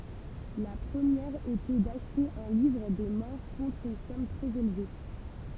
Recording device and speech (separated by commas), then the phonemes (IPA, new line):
temple vibration pickup, read sentence
la pʁəmjɛʁ etɛ daʃte œ̃ livʁ de mɔʁ kɔ̃tʁ yn sɔm tʁɛz elve